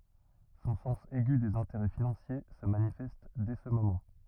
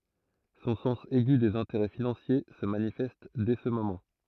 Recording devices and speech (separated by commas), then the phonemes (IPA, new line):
rigid in-ear microphone, throat microphone, read sentence
sɔ̃ sɑ̃s ɛɡy dez ɛ̃teʁɛ finɑ̃sje sə manifɛst dɛ sə momɑ̃